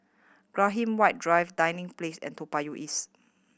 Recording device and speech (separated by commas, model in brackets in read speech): boundary microphone (BM630), read sentence